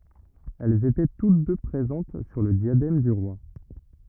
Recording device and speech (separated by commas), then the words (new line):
rigid in-ear microphone, read sentence
Elles étaient toutes deux présentes sur le diadème du roi.